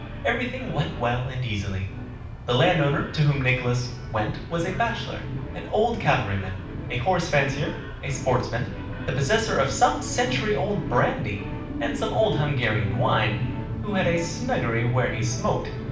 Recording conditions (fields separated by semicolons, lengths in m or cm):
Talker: one person; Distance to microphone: 5.8 m; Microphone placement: far; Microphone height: 1.8 m; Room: medium-sized (5.7 m by 4.0 m); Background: television